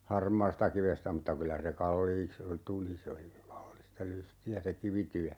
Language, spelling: Finnish, harmaastakivestä mutta kyllä se kalliiksi tuli se oli kallista lystiä se kivityö
- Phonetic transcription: "harmaastakivestä mutta 'kylä se "kalliiks , 'tuli se oli , 'kallista 'lysti₍ä se "kivityä .

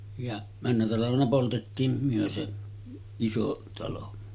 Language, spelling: Finnish, ja menneenä talvena poltettiin me se iso talo
- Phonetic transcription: ja männä talavena poltettiim 'myö se , 'iso talo .

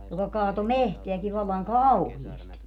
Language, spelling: Finnish, joka kaatoi metsääkin vallan kauheasti
- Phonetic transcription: joka 'kaato "mehteäki vallaŋ "kauhiesti .

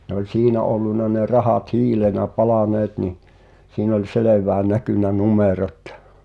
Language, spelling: Finnish, ne oli siinä ollut ne rahat hiilenä palaneet niin siinä oli selvään näkynyt numerot
- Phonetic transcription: ne ‿oĺ "siinä olluna ne 'rahat "hiilenä 'palàneet ni , siin ‿oĺ "selev̀ää 'näkỳnä "numerot ,.

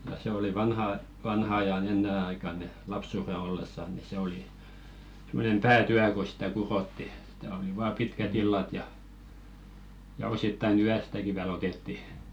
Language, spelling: Finnish, ja se oli vanhan vanhan ajan ennen aikaan niin lapsuuden ollessa niin se oli semmoinen päätyö kun sitä kudottiin sitä oli vain pitkät illat ja ja osittain yöstäkin vielä otettiin
- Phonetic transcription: ja 'se ‿oli "vanha , 'vanha aja'n ‿ennen aikan ni , "lapsùre ollessa ni se oli , 'sem̆monem "pää"tyä ko sᴵtä 'kurotti , ˢᴵtä oli vaa "pitkä't ‿illat ja , ja 'osittai"n ‿yästäki viäl ‿otetti .

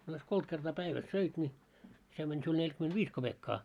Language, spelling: Finnish, a jos kolme kertaa päivässä söit niin se meni sinulla neljäkymenntäviisi kopeekkaa
- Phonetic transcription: a jos 'koit kertaa 'päiväs "söit ńi , se mäń siul 'neĺkyment"viis 'koʙekkaa .

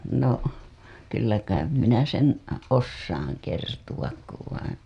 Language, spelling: Finnish, no kyllä kai minä sen osaan kertoa kun vai
- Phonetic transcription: no , 'kyllä kaim "minä sen , "os-saaŋ 'kertuwak kuv vaiḭ .

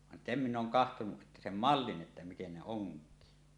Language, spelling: Finnish, vaan sen minä olen katsonut että sen mallin että miten ne onkii
- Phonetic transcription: van "sem 'min̆n ‿’ooŋ 'kahtonuˀ ˀettä 'sem "mallin ’että "miten 'ne "oŋk̀ii .

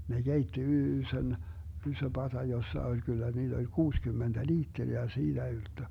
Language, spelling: Finnish, ne keitti ison iso pata jossa oli kyllä niitä oli kuusikymmentä litraa ja siitä ylttö
- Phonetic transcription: ne 'Geitti "yysön , 'ysö 'pata 'jossa oĺ 'kyllä 'niiD ‿oĺ "kuuskymmenDä "liitteri ja "siiDä 'ylttö .

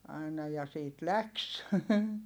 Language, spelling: Finnish, aina ja siitä lähti
- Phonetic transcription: aina ja siit läks !

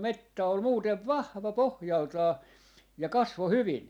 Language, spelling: Finnish, metsä oli muuten vahva pohjaltaan ja kasvoi hyvin
- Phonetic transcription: "mettä ol 'muutev "vahva "pohjaltaa , ja 'kasvo "hyvin .

